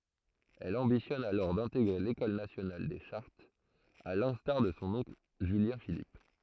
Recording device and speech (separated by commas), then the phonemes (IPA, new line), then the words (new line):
throat microphone, read sentence
ɛl ɑ̃bitjɔn alɔʁ dɛ̃teɡʁe lekɔl nasjonal de ʃaʁtz a lɛ̃staʁ də sɔ̃ ɔ̃kl ʒyljɛ̃filip
Elle ambitionne alors d'intégrer l'École nationale des chartes, à l'instar de son oncle Julien-Philippe.